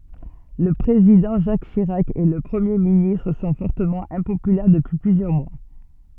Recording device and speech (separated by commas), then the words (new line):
soft in-ear microphone, read sentence
Le Président Jacques Chirac et le Premier ministre sont fortement impopulaires depuis plusieurs mois.